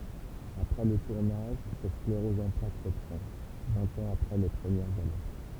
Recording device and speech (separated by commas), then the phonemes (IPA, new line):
temple vibration pickup, read sentence
apʁɛ lə tuʁnaʒ sa skleʁɔz ɑ̃ plak ʁəpʁɑ̃ vɛ̃t ɑ̃z apʁɛ le pʁəmjɛʁz alɛʁt